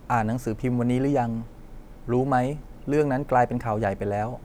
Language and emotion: Thai, neutral